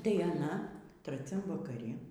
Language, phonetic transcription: Lithuanian, tai aˈna traˈciam vakaˈri

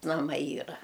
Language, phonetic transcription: Lithuanian, naˈmai ˈyra

